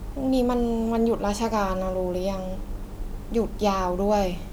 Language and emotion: Thai, frustrated